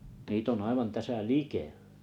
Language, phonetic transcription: Finnish, 'niit ‿on aivan 'täsä "likᴇʟʟᴀ̈ .
- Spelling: niitä on aivan tässä likellä

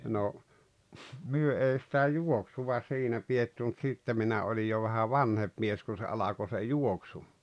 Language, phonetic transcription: Finnish, no , 'myö 'ei sⁱtä "juoksuva 'siinä pietty mut 'sitte minä 'olij jo vähä "vanhem̬p mies kun̬ se 'alako se "juoksu .
- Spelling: no me ei sitä juoksua siinä pidetty mutta sitten minä olin jo vähän vanhempi mies kun se alkoi se juoksu

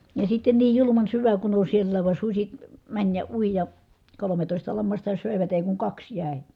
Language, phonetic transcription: Finnish, ja sitten niij juluman syvä kun ‿on siellääv van suśi , mäń ja ui ja , kolometòista lammasta sö̀evät èi kuŋ kaks jä̀i̮ .
- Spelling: ja sitten niin julman syvä kun on siellä vaan susi meni ja ui ja kolmetoista lammasta söivät ei kuin kaksi jäi

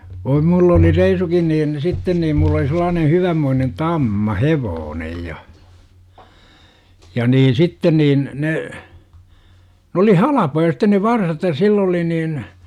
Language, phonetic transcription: Finnish, voi 'mull ‿ oli 'reisukin niin , 'sitten niim mul̆l ‿oli sel̆laanen̬ 'hyvämmoinen "tamma "hevoonej 'ja , ja 'niin̬ 'sitten niin , 'ne , 'n ‿oli "halapoja sitten ne "varsat ja "sill ‿oli niin , .
- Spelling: voi minulla - oli reisunkin niin sitten niin minulla oli sellainen hyvänmoinen tamma hevonen ja ja niin sitten niin ne ne oli halpoja sitten ne varsat ja sillä oli niin

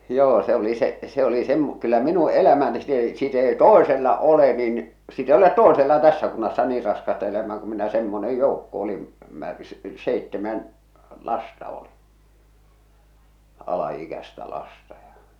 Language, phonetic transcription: Finnish, 'joo se oli se’ , se ‿oli sem- , kyllä "minu "elämä nĭ sit ‿ei sit ‿ei "tòesella "ole nin , sit ‿ei olet "toesella 'tässä 'kunnassa 'niir 'raskasta elämää ku minä semmone 'joukko oli , mär- , 'seittemän , 'lasta oli , 'ala₍'ikästä 'lasta ja .
- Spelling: joo se oli se se oli - kyllä minun elämä niin sitten ei sitten ei toisella ole niin sitten ei ole toisella tässä kunnassa niin raskasta elämää kun minä semmoinen joukko oli - seitsemän lasta oli alaikäistä lasta ja

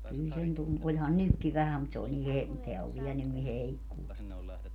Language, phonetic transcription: Finnish, kyl sen 'tun - 'oĺhan "nykki 'vähäm mut se oĺ ni he- , teä ov 'viɛ nyn ni 'heikkuu .
- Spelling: kyllä sen - olihan nytkin vähän mutta se oli niin - tämä on vielä nyt niin heikkoa

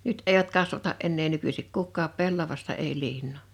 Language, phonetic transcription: Finnish, 'nyt èivät 'kasvata’ ’ennee 'nykysik 'kukkaap 'pellavasta ei 'liinnò .
- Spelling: nyt eivät kasvata enää nykyisin kukaan pellavaista ei liinaa

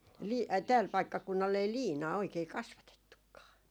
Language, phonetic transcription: Finnish, "lii- , ai 'tääl 'paikkakunnal ei "liinaa oikei 'kasvatettukkaa .
- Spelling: - ai täällä paikkakunnalla ei liinaa oikein kasvatettukaan

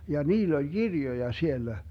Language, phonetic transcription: Finnish, ja 'niill ‿oĺ "Girjoja 'siellä .
- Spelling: ja niillä oli kirjoja siellä

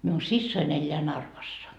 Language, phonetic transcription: Finnish, miun 'sissoin ‿eĺĺeä 'Narvassa .
- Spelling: minun siskoni elää Narvassa

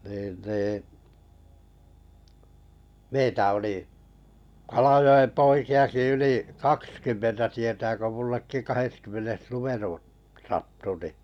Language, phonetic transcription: Finnish, niin nii , 'meitä oli , Kalajo₍em 'poiki₍aki 'ylì , "kakskymmentä tietää ko mullekki 'kaheskymmenes "lumerun̳ , 'sattu ni ,.
- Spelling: niin niin meitä oli Kalajoen poikiakin yli kaksikymmentä tietää kun minullekin kahdeskymmenes numero sattui niin

